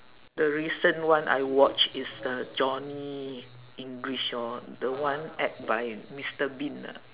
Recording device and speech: telephone, conversation in separate rooms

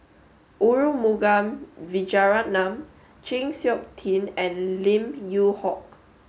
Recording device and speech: mobile phone (Samsung S8), read sentence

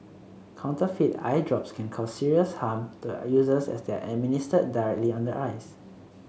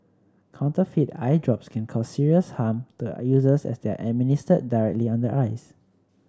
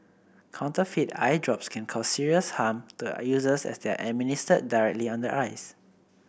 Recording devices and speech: mobile phone (Samsung C7), standing microphone (AKG C214), boundary microphone (BM630), read sentence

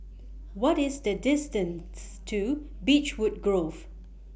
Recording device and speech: boundary microphone (BM630), read sentence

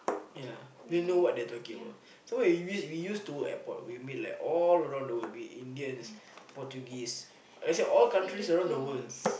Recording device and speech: boundary microphone, conversation in the same room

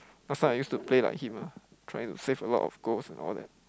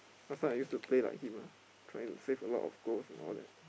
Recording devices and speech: close-talking microphone, boundary microphone, conversation in the same room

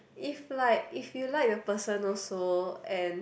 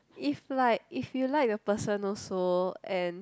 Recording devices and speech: boundary microphone, close-talking microphone, conversation in the same room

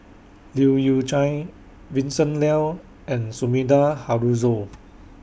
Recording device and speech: boundary microphone (BM630), read sentence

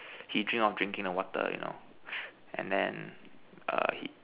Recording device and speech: telephone, conversation in separate rooms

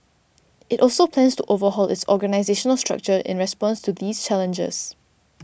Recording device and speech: boundary microphone (BM630), read sentence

